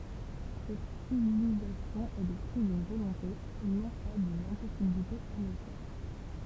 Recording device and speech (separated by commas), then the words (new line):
temple vibration pickup, read sentence
Cette stylisation est le fruit d'une volonté, non pas d'une impossibilité à mieux faire.